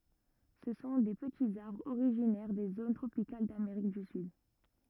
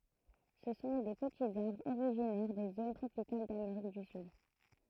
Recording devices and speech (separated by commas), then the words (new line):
rigid in-ear microphone, throat microphone, read sentence
Ce sont des petits arbres originaires des zones tropicales d'Amérique du Sud.